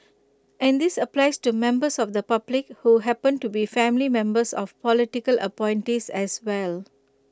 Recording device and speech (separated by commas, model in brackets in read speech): close-talking microphone (WH20), read sentence